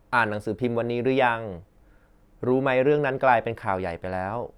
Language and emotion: Thai, neutral